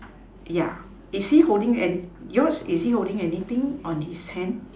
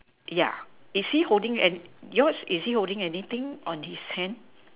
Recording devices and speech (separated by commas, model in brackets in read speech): standing microphone, telephone, conversation in separate rooms